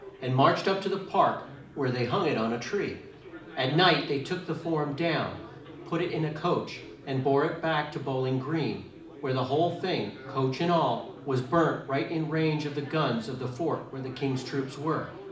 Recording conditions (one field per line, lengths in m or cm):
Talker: one person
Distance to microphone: 2.0 m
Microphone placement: close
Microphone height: 99 cm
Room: medium-sized (5.7 m by 4.0 m)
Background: babble